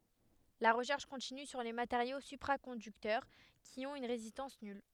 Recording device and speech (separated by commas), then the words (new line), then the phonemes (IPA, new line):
headset microphone, read sentence
La recherche continue sur les matériaux supraconducteurs qui ont une résistance nulle.
la ʁəʃɛʁʃ kɔ̃tiny syʁ le mateʁjo sypʁakɔ̃dyktœʁ ki ɔ̃t yn ʁezistɑ̃s nyl